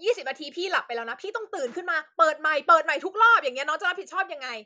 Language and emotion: Thai, angry